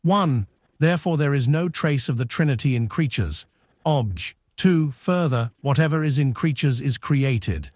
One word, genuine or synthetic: synthetic